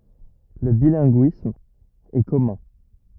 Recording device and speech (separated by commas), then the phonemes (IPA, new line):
rigid in-ear microphone, read sentence
lə bilɛ̃ɡyism ɛ kɔmœ̃